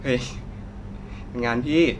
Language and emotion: Thai, neutral